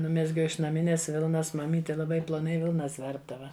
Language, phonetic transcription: Lithuanian, ˈnumezgiau iš naˈminės ˈvilnas maˈmyti laˈbai ploˈnai ˈvilnas ˈverpdava

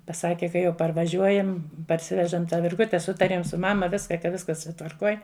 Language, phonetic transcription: Lithuanian, paˈsake ka jau parvaˈžiuojam parˈsivežam tą virˈgute ˈsutarėm su ˈmama ˈviska ka ˈviskas tvarˈkoj

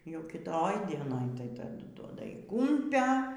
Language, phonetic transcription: Lithuanian, jau kiˈtoj dieˈnoj tai taˈdu duoda y ˈkumpia

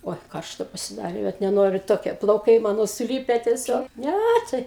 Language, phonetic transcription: Lithuanian, ˈoi ˈkaršta pasiˈdarė vat neˈnoriu ˈtokie plauˈkai ˈmano suˈlype teˈsiog ˈnæ tai

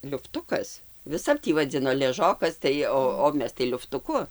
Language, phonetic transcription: Lithuanian, liufˈtukas viˈsap ˈtį vaˈdzino leˈžokas tai ˈo o ˈmes tai liuftuˈku

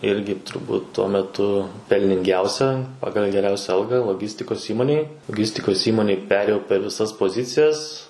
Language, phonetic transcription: Lithuanian, ˈirgi turˈbūt tuo meˈtu pelninˈgiausia ˈpagal geˈriausia ˈalga loˈgistikos ˈįmonėj loˈgistikos ˈįmonėj ˈperėjau per viˈsas poˈzicijas

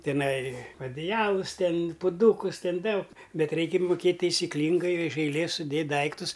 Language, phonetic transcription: Lithuanian, tiˈnai adiˈjalus ˈten puˈdūkus ˈten ˈdaug ˈbet ˈreikia muˈkėt' taisiˈklyngai iš aiˈlės suˈdėt' ˈdaiktus

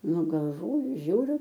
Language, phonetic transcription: Lithuanian, ˈnu galˈvoju ˈžiūriu

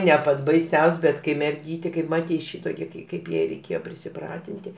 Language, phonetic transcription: Lithuanian, ne ˈpat' baiˈsiaus' bet kai merˈgytė kaip ˈmatei ˈšitokia kai ˈkaip jai reiˈkėjo prisiˈpratinti

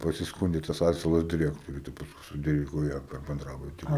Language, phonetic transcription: Lithuanian, pasisˈkūndė tas ˈasilas diˈrektoriui tai pasˈkui su ˈdyriku ˈėjo per benˈdrabutį

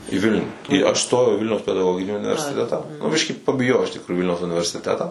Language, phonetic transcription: Lithuanian, į ˈvilnių į aš ˈstojau į ˈvilniaus pedaˈgoginį universiˈtetą nu ˈbiškį pabiˈjojau iš tikˈruju į ˈvilniaus universiˈtetą

